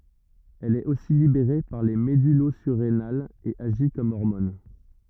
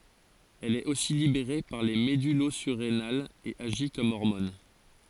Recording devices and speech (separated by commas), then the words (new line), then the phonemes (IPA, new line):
rigid in-ear microphone, forehead accelerometer, read sentence
Elle est aussi libérée par les médullosurrénales et agit comme hormone.
ɛl ɛt osi libeʁe paʁ le medylozyʁenalz e aʒi kɔm ɔʁmɔn